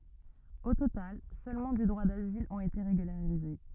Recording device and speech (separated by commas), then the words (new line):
rigid in-ear microphone, read sentence
Au total, seulement du droit d'asile ont été régularisés.